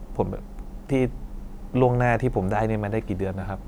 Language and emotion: Thai, frustrated